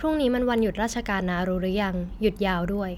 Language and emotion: Thai, neutral